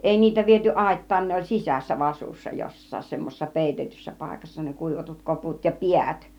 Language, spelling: Finnish, ei niitä viety aittaan ne oli sisässä vasussa jossakin semmoisessa peitetyssä paikassa ne kuivatut koput ja päät
- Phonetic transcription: 'èi 'niitä viety "àit̀taan 'ne oĺ "sisässä "vasussa 'jos̀saas 'semmosessa "pèitetyssä 'pàikassa ne 'kùivatut 'koput ja "piät .

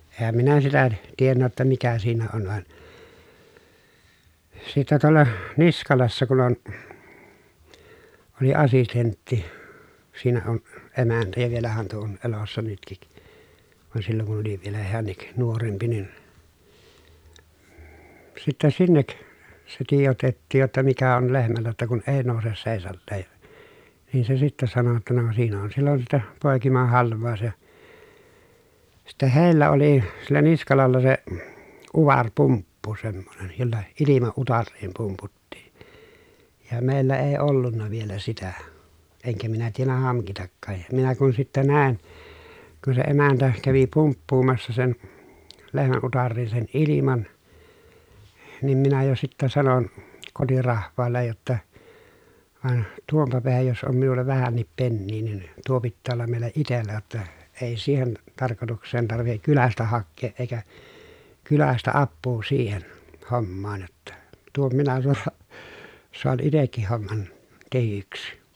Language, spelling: Finnish, enhän minä sitä tiennyt jotta mikä siinä on vaan sitten tuolla Niskalassa kun on oli assistentti siinä on emäntä ja vielähän tuo on elossa nytkin vaan silloin kun oli vielä hänkin nuorempi niin sitten sinne se tiedotettiin jotta mikä on lehmällä jotta kun ei nouse seisaalleen ja niin se sitten sanoi jotta no siinä on silloin sitten poikimahalvaus ja sitten heillä oli sillä Niskalalla se - utarepumppu semmoinen jolla ilma utariin pumputtiin ja meillä ei ollut vielä sitä enkä minä tiennyt hankitakaan ja minä kun sitten näin kun se emäntä kävi pumppuamassa sen lehmän utariin sen ilman niin minä jo sitten sanoin kotirahvaalle jotta vaan tuonpa päähän jos on minulla vähänkin penniä niin tuo pitää olla meillä itsellä jotta ei siihen tarkoitukseen tarvitse kylästä hakea eikä kylästä apua siihen hommaan jotta tuon minä - saan itsekin homman tehdyksi
- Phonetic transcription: eehäm minä sitä , tiennä jotta mikä siinä on van , sittä tuolla , Niskalassa kun ‿on , oli asistentti , siinä on , emäntä ja vielähän tuo on , elossa nytkik , van silloŋ kun oli vielä heännik nuorempi nin , sittä sinnek , se tiijotettiij jotta » mikä on lehmällä jotta kun ee nòuses sèisalleej ja ? » , niin se sittä sano jotta » no siin ‿on sillon sittä pòekimahalv̆vàu̬s » ja , (sit)tä hèi̮llä oli , sillä Niskalalla se , uva rpumppu semmonen , jolla , ilima utarriim pumputtiI , ja mèillä ee ollunna vielä sitä , eŋkä minä tiennä haŋkitakkaaj ja , minä kun sittä nä̀i̮n , kun se emäntä , kävi pumppuumassa sen , lehmän utarriin sen ʼiliman , nim minä jo sittä sanon , kotirahv̀aallej jotta , » vaᵉn , tuompa peähäj jos om minulla vähännip pennii nin , tuo pittää ollam mèilä itellä jotta , èi siihen , tarkotuks̀een tarvihek kylästä hakkeeʼ ʼeikä , kylästä appuu siihen , hommaan jotta , tuom minä soa- , soan itekkih homman , tehyksi » .

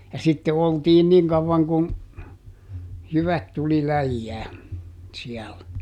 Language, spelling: Finnish, ja sitten oltiin niin kauan kuin jyvät tuli läjään siellä
- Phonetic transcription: ja sitte ˈoltiin "niŋ kavvaŋ kun , ˈjyvät tuli "läjjää , ˈsiɛl .

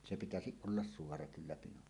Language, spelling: Finnish, se pitäisi olla suora kyllä pinon
- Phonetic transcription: 'se pitäsiˀ ˀollas "suora 'kyllä "pinon .

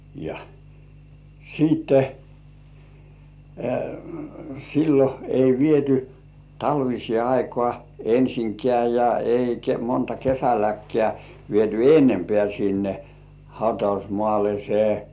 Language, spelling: Finnish, ja sitten silloin ei viety talviseen aikaan ensinkään ja eikä monta kesälläkään viety enempää sinne hautausmaalle se
- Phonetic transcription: ja , siitte , sillo ei 'viety "talvisĭè aikŏà 'ensiŋkĕ§ä̀ ja eikä monta 'kesäläkkeä̀ viety "ennempĕä̀ sinne , hautausmŏàle se .

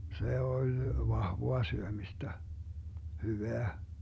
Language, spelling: Finnish, se oli vahvaa syömistä hyvää
- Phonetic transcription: 'se 'oĺ , "vahvoa 'syömistä , "hyveä .

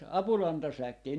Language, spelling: Finnish, apulantasäkkejä
- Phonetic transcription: "apulantasäkkii » .

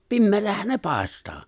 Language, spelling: Finnish, pimeällähän ne paistaa
- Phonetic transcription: 'pimmeellähän 'ne "pàest̀aa .

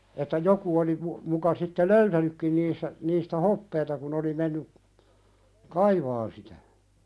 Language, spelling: Finnish, että joku oli - muka sitten löytänytkin niissä niistä hopeaa kun oli mennyt kaivamaan sitä
- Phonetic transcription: että 'joku- oli mu- , muka sitte "loytänykkin niissä , niistä "hoppeeta kun ‿oli menny , "kaivaan sitä .

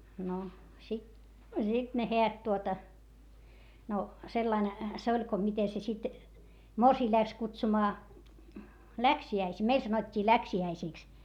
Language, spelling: Finnish, no sitten sitten ne häät tuota no sillä lailla se oli kun miten se sitten morsian lähti kutsumaan läksiäisiin meille sanottiin läksiäisiksi
- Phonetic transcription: no sit , zit ne heät tuota , no sellain , se oĺ ko mite se sit , morsii läks kutsumaa , läksi₍äisii , meil sanot́t́ii läksi₍äisìks .

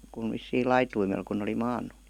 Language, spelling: Finnish, kun vissiin laitumella kun oli maannut
- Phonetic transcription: kun vissiil 'laituimel kun ‿oli "maan̆nu .

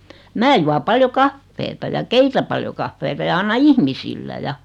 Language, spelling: Finnish, minä juon paljon kahvia ja keitän paljon kahvia ja annan ihmisille ja
- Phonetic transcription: 'mää jua 'paljo "kaffeeta ja "keitä paljo 'kaffeeta ja 'anna "ihmisillä ja .

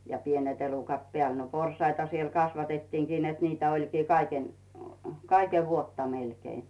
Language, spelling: Finnish, ja pienet elukat päälle no porsaita siellä kasvatettiinkin että niitä olikin - kaiken vuotta melkein
- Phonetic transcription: ja 'pienet elukat "pᵉä̀l , no 'pors̀aita siel 'kasvatettiiŋkin net niitä oĺkii 'kai- , "kaikev 'vuotta melkei .

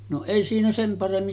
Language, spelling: Finnish, no ei siinä sen paremmin
- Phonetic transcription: no 'èi siinä sem 'paremmin .

